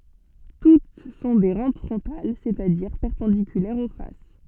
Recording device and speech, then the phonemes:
soft in-ear microphone, read sentence
tut sɔ̃ de ʁɑ̃p fʁɔ̃tal sɛt a diʁ pɛʁpɑ̃dikylɛʁz o fas

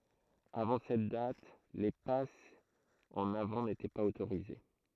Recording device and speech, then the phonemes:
throat microphone, read sentence
avɑ̃ sɛt dat le pasz ɑ̃n avɑ̃ netɛ paz otoʁize

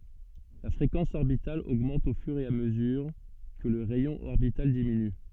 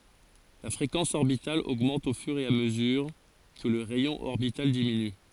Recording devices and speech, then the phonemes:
soft in-ear microphone, forehead accelerometer, read sentence
la fʁekɑ̃s ɔʁbital oɡmɑ̃t o fyʁ e a məzyʁ kə lə ʁɛjɔ̃ ɔʁbital diminy

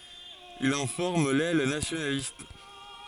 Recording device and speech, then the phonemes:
forehead accelerometer, read sentence
il ɑ̃ fɔʁm lɛl nasjonalist

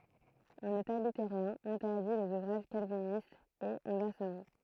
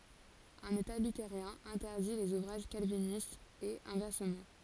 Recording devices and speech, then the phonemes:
throat microphone, forehead accelerometer, read sentence
œ̃n eta lyteʁjɛ̃ ɛ̃tɛʁdi lez uvʁaʒ kalvinistz e ɛ̃vɛʁsəmɑ̃

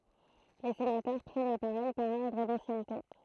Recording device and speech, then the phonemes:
throat microphone, read sentence
le senatœʁ pʁɛn la paʁɔl paʁ ɔʁdʁ dɑ̃sjɛnte

